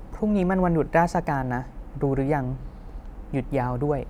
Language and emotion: Thai, neutral